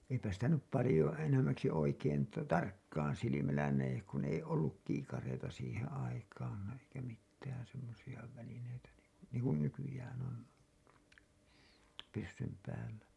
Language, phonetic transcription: Finnish, eipä sitä nyp palĭjo enäm̆mäksi oikein ta- , 'tarkkaan silimällä näjek kun ‿ei "olluk 'kiikareita siihen̬ aikaan ‿eikä mittään̬ semmosiʲa välineitä niŋku , niiŋ kun 'nykyjään on , pyssym päällä .
- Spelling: eipä sitä nyt paljon enemmäksi oikein - tarkkaan silmällä näe kun ei ollut kiikareita siihen aikaan eikä mitään semmoisia välineitä niin kuin niin kuin nykyään on pyssyn päällä

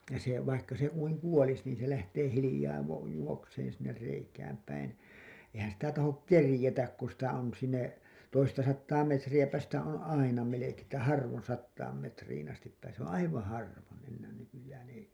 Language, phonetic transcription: Finnish, se , vaikka se kuiŋ "kuolis niin se lähtee hilĭjaa va- , juokseen̬ sinner reikääm päin , ehän sitä tahok "kerĭjetäk ku sitä on sinne , toista sattaa 'metrijäpä sitä on "aina 'melekee ‿ttä 'harvon sattaam metriin astip pääsee s ‿oo̰ "aivaa̰ 'harvon̬ , ennään nykyjään ‿ei .
- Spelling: se vaikka se kuinka kuolisi niin se lähtee hiljaa - juoksemaan sinne reikään päin eihän sitä tahdo keritä kun sitä on sinne toista sataa metriäpä sitä on aina melkein että harvoin sataan metriin asti pääsee se on aivan harvoin enää nykyään ei

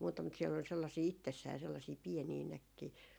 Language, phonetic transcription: Finnish, muuta mut siɛl ‿ol sellasii 'ittessää 'sellasii "pienii 'näkkii .
- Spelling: muuta mutta siellä oli sellaisia itsessään sellaisia pieniä näkkejä

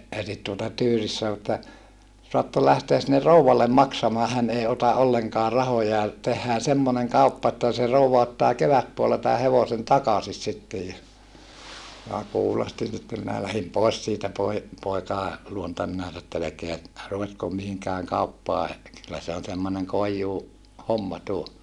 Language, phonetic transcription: Finnish, elit tuota tyyris sa(no) että , » soattol lähteäs sinne rouwallem maksamaa hän ei ota ʼolleŋkaa rahoja , tehhää semmoneŋ kauppa että se rouva ottaa kevätpuolla tää hevosen takasis sittej » ja , minä kuulostin sitte minä lähim pòes siitä poi- , poikàe , luonta minä ‿ett ‿ » elekeä , ruvetkom mihiŋkääŋ kauppaa , kyllä se on semmoneŋ koijjuu- , -homma tuo » .
- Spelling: eli tuota tyyris sanoi että saatte lähteä sinne rouvalle maksamaan hän ei ota ollenkaan rahoja tehdään semmoinen kauppa että se rouva ottaa kevätpuolella tämän hevosen takaisin sitten ja minä kuulostin sitten minä lähdin pois siitä - poikien luota minä että älkää ruvetko mihinkään kauppaan kyllä se on semmoinen - koijuuhomma tuo

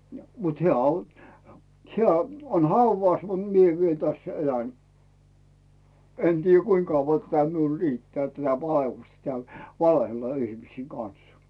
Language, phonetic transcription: Finnish, ja mut 'heä̀ on , 'hᵉä , on "hauvàs mut 'mie viel 'täss ‿"elän , 'en tiijjä "kuiŋ kauvva tätä miul 'rittᵉää tätä 'va₍ellustᵃ tᵉä̀l , "valehella 'ihmisiiŋ 'Can̬s .
- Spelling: ja mutta hän on hän on haudassa mutta minä vielä tässä elän en tiedä kuinka kauan tätä minulla riittää tätä vaellusta täällä valehdella ihmisten kanssa

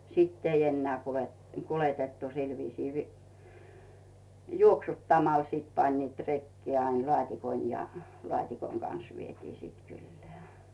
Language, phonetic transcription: Finnish, 'sìtt ‿ei enneä̀ 'kulet- , 'kuletettu 'sil viisii vi- , "juoksut"tamal sìt 'pańniit 'rekkee ain 'lᵒàt́ikon ja , "lᵒàt́ikoŋ Gans vietii siit 'kyllᴇᴀ̈ .
- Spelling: sitten ei enää - kuljetettu sillä viisiin - juoksuttamalla sitten panivat rekeen aina laatikon ja laatikon kanssa vietiin sitten kylään

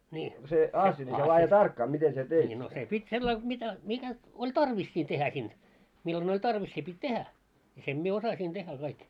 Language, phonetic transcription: Finnish, a-asja , ńii no se 'pit́ 'sellail mitä 'mitä , oĺ "tarvis siin tehä 'sin , 'millon oĺ "tarvis se pit́ "tehä , ja 'sem mie 'osasin tehä kaik .
- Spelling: asia niin no se piti sillä lailla mitä mitä oli tarvis siinä tehdä sinne milloin oli tarvs se piti tehdä ja sen minä osasin tehdä kaikki

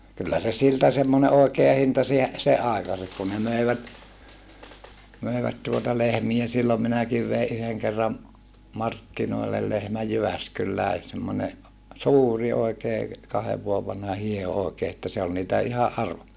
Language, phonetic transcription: Finnish, kyllä se siltä semmone ʼòekea hinta siä- , seʼ ʼàikase(ks) kun ne mö̀ivät , mö̀i̮vät tuota lehmie sillom minäkiv vei ʼyheŋ kerram , markkinoi̮llel lehmäj Jyväskyllä̀i̮ semmone , suuri oikee , kahev vuov vanha hie₍o òekee että se ol niitä ʼihaʼ ʼarvo - .
- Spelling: kyllä se siltä semmoinen oikea hinta - sen aikaiseksi kun ne möivät möivät tuota lehmiä silloin minäkin vein yhden kerran markkinoille lehmän Jyväskylään semmoinen suuri oikein kahden vuoden vanha hieho oikein että se oli niitä ihan -

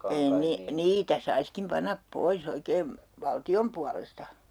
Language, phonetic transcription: Finnish, ei 'nii- , "niitä 'saiskim 'panap "poi's ‿oikeem , "valti₍om pualesta .
- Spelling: ei - niitä saisikin panna pois oikein valtion puolesta

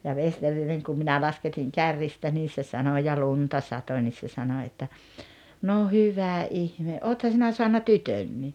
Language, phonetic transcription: Finnish, ja 'Vesterineŋ kum 'minä lasketiŋ 'kärrista nii se 'sano ja "lunta 'sato ńis se 'sano että , » 'no "hyvä "’ihme '’ootha 'sinä soanna "tytönnii « .
- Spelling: ja Vesterinen kun minä lasketin kärristä niin se sanoi ja lunta satoi niin se sanoi että no hyvä ihme olethan sinä saanut tytönkin

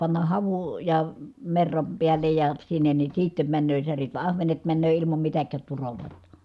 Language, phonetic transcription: Finnish, pannah havu- , -ja , merram piällej ja , sinnen ni siittem männöö särit va ahvenet männöö ilimam mitäkkäät turolòi(ta) .
- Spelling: panna havuja - merran päälle ja sinne niin sitten menee särjet vaan ahvenet menee ilman mitään turoja

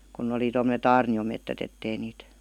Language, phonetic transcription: Finnish, 'kunⁿ ‿oli tomm0te"t ‿aarni₍omettät ‿ettei niit ,.
- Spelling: kun oli tuommoiset aarniometsät että ei niitä

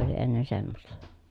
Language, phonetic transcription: Finnish, (se) oli ennen semmosta .
- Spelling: se oli ennen semmoista

